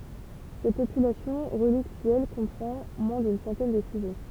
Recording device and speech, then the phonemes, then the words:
temple vibration pickup, read sentence
sɛt popylasjɔ̃ ʁəliktyɛl kɔ̃pʁɑ̃ mwɛ̃ dyn sɑ̃tɛn də syʒɛ
Cette population relictuelle comprend moins d'une centaine de sujets.

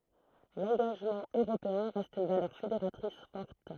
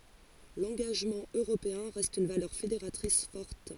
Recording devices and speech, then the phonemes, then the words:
throat microphone, forehead accelerometer, read sentence
lɑ̃ɡaʒmɑ̃ øʁopeɛ̃ ʁɛst yn valœʁ fedeʁatʁis fɔʁt
L'engagement européen reste une valeur fédératrice forte.

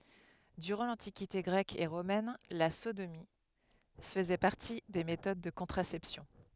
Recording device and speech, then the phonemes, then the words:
headset microphone, read sentence
dyʁɑ̃ lɑ̃tikite ɡʁɛk e ʁomɛn la sodomi fəzɛ paʁti de metod də kɔ̃tʁasɛpsjɔ̃
Durant l'Antiquité grecque et romaine, la sodomie faisait partie des méthodes de contraception.

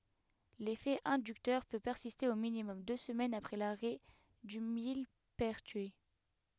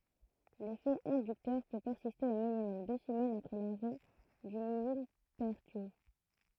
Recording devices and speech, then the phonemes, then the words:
headset microphone, throat microphone, read sentence
lefɛ ɛ̃dyktœʁ pø pɛʁsiste o minimɔm dø səmɛnz apʁɛ laʁɛ dy milpɛʁtyi
L'effet inducteur peut persister au minimum deux semaines après l'arrêt du millepertuis.

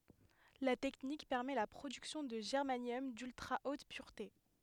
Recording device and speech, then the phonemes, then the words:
headset microphone, read sentence
la tɛknik pɛʁmɛ la pʁodyksjɔ̃ də ʒɛʁmanjɔm dyltʁa ot pyʁte
La technique permet la production de germanium d'ultra-haute pureté.

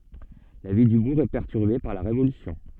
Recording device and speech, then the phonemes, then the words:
soft in-ear microphone, read sentence
la vi dy buʁ ɛ pɛʁtyʁbe paʁ la ʁevolysjɔ̃
La vie du bourg est perturbée par la Révolution.

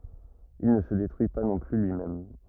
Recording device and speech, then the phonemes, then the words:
rigid in-ear microphone, read sentence
il nə sə detʁyi pa nɔ̃ ply lyimɛm
Il ne se détruit pas non plus lui-même.

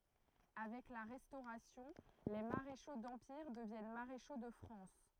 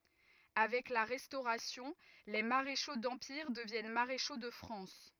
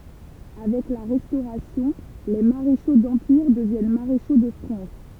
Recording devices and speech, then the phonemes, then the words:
throat microphone, rigid in-ear microphone, temple vibration pickup, read sentence
avɛk la ʁɛstoʁasjɔ̃ le maʁeʃo dɑ̃piʁ dəvjɛn maʁeʃo də fʁɑ̃s
Avec la Restauration, les maréchaux d’Empire deviennent maréchaux de France.

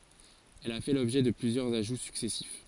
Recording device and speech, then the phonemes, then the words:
forehead accelerometer, read sentence
ɛl a fɛ lɔbʒɛ də plyzjœʁz aʒu syksɛsif
Elle a fait l'objet de plusieurs ajouts successifs.

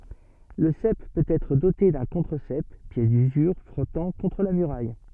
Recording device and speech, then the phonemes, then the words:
soft in-ear microphone, read sentence
lə sɛp pøt ɛtʁ dote dœ̃ kɔ̃tʁəzɛp pjɛs dyzyʁ fʁɔtɑ̃ kɔ̃tʁ la myʁaj
Le sep peut être doté d'un contre-sep, pièce d'usure frottant contre la muraille.

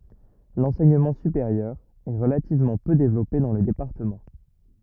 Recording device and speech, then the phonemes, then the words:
rigid in-ear microphone, read sentence
lɑ̃sɛɲəmɑ̃ sypeʁjœʁ ɛ ʁəlativmɑ̃ pø devlɔpe dɑ̃ lə depaʁtəmɑ̃
L'enseignement supérieur est relativement peu développé dans le département.

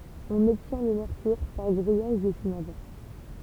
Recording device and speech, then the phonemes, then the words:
temple vibration pickup, read sentence
ɔ̃n ɔbtjɛ̃ lə mɛʁkyʁ paʁ ɡʁijaʒ dy sinabʁ
On obtient le mercure par grillage du cinabre.

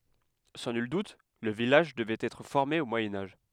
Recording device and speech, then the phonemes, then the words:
headset microphone, read sentence
sɑ̃ nyl dut lə vilaʒ dəvɛt ɛtʁ fɔʁme o mwajɛ̃ aʒ
Sans nul doute, le village devait être formé au Moyen Âge.

